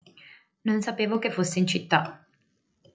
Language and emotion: Italian, neutral